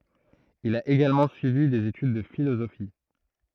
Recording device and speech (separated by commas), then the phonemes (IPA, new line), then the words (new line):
throat microphone, read sentence
il a eɡalmɑ̃ syivi dez etyd də filozofi
Il a également suivi des études de philosophie.